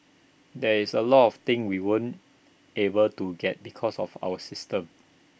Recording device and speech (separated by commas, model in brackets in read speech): boundary microphone (BM630), read sentence